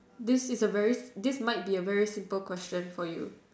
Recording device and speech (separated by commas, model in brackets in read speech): standing microphone, conversation in separate rooms